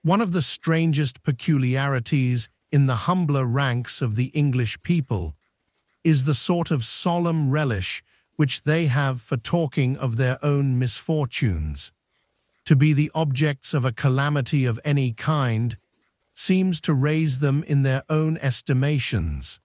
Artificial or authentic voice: artificial